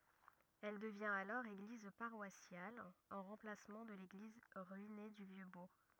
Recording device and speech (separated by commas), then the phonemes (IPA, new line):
rigid in-ear microphone, read sentence
ɛl dəvjɛ̃t alɔʁ eɡliz paʁwasjal ɑ̃ ʁɑ̃plasmɑ̃ də leɡliz ʁyine dy vjø buʁ